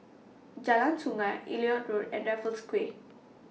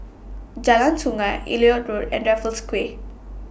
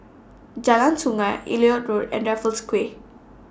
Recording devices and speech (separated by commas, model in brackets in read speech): mobile phone (iPhone 6), boundary microphone (BM630), standing microphone (AKG C214), read sentence